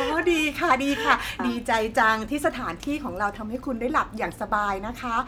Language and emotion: Thai, happy